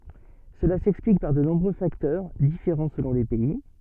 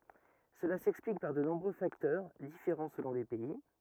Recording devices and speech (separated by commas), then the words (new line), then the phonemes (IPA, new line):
soft in-ear microphone, rigid in-ear microphone, read sentence
Cela s'explique par de nombreux facteurs, différents selon les pays.
səla sɛksplik paʁ də nɔ̃bʁø faktœʁ difeʁɑ̃ səlɔ̃ le pɛi